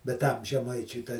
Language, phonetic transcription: Lithuanian, bet ˈtam žeˈmaičiui ta

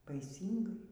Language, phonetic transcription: Lithuanian, baiˈsyngai

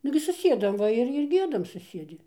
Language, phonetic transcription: Lithuanian, ˈnugi suˈsiedam ˈva ir ir ˈgiedam suˈsiedi

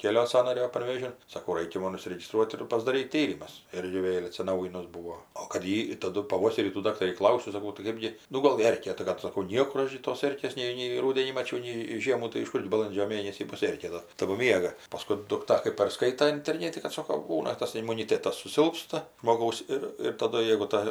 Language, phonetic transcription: Lithuanian, ˈkėlio ˈsąnario panˈvežin saˈkau ˈraikia ˈmon užsiregiˈstruot ir pasdaˈryt ˈtyrimus ˈirgi ˈvėl' atsiˈnaujinus ˈbūo o kad ˈji taˈdu paˈvoserį tų ˈdaktarį ˈklausiu saˈkau tai ˈkɜpgi ˈnu ˈgol ˈerkė tai kad saˈkau ˈniekur ˈaš gi tos ˈerkės ˈnei nei ˈrūdenį maˈčiau nei ˈžiemų tai iš ˈkurgi baˈlandžio ˈmėnesį ˈbus ˈerkė ta tagu ˈmiega paˈskui dukˈta kɜp parˈskaita interˈnėti kad ˈsoko ˈbūna ˈtas imuniˈtėtas suˈsilpsta žmoˈgaus ir ir taˈdu jeigu ˈta

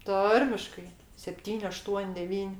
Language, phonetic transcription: Lithuanian, ˈtarmiškai sepˈtyn' aˈštuon' deˈvyn'

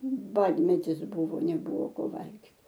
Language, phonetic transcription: Lithuanian, ˈbadmetis ˈbūvo neˈbuvo ˈko ˈvalgit

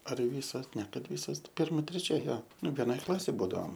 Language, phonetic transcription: Lithuanian, ar ˈvysos ne ˈkad ˈvysos ˈpirma treˈčia ˈjo ˈnu veˈnoj ˈklasėj ˈbūdaom

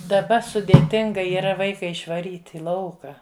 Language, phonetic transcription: Lithuanian, daˈba sudėˈtinga yˈra ˈvaika išvaˈryt' i ˈlauka

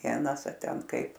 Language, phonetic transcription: Lithuanian, ˈvienas a ˈten ˈkaip

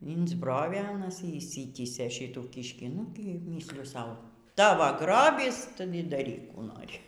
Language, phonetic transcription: Lithuanian, insˈbrovė aˈnas y išˈsitysė ˈšytų ˈkyškį ˈnu giˈmysliju ˈsau ˈtavo ˈgrobys ˈtu y daˈryk ˈkų ˈnori

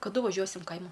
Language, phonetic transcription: Lithuanian, kaˈdu vaˈžiuosim ˈkaima

